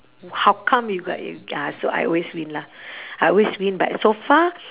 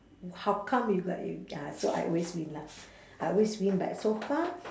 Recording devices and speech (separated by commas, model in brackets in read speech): telephone, standing microphone, conversation in separate rooms